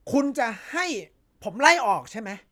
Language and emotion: Thai, angry